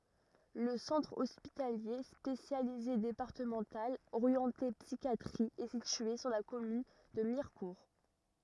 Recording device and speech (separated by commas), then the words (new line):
rigid in-ear microphone, read sentence
Le Centre hospitalier spécialisé départemental orienté psychiatrie est situé sur la commune de Mirecourt.